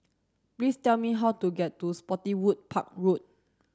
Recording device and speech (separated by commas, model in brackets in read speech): standing microphone (AKG C214), read sentence